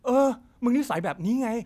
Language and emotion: Thai, frustrated